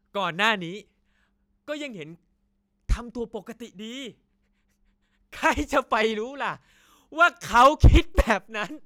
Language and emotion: Thai, happy